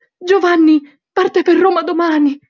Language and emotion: Italian, fearful